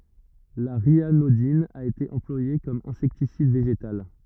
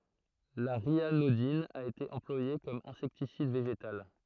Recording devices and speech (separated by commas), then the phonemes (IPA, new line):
rigid in-ear microphone, throat microphone, read sentence
la ʁjanodin a ete ɑ̃plwaje kɔm ɛ̃sɛktisid veʒetal